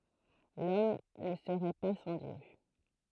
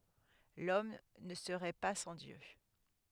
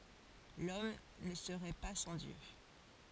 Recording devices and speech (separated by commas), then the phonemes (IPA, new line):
throat microphone, headset microphone, forehead accelerometer, read sentence
lɔm nə səʁɛ pa sɑ̃ djø